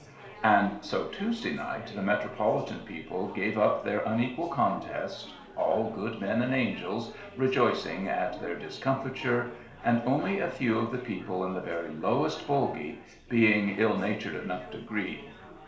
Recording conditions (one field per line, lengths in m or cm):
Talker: one person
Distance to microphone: 1.0 m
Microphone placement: close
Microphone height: 1.1 m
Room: small (3.7 m by 2.7 m)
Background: babble